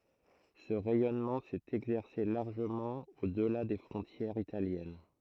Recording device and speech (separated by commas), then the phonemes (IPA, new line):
throat microphone, read sentence
sə ʁɛjɔnmɑ̃ sɛt ɛɡzɛʁse laʁʒəmɑ̃ odla de fʁɔ̃tjɛʁz italjɛn